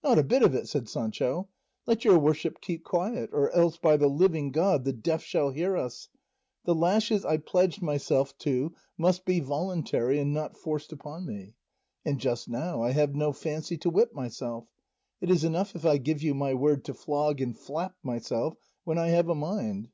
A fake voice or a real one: real